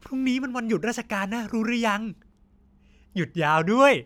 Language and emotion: Thai, happy